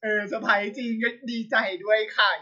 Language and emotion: Thai, happy